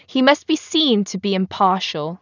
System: none